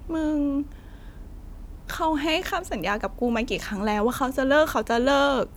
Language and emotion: Thai, sad